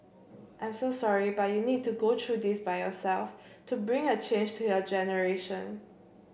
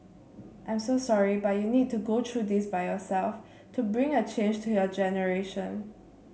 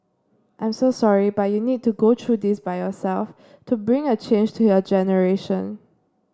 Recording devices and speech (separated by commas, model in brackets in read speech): boundary microphone (BM630), mobile phone (Samsung C7), standing microphone (AKG C214), read sentence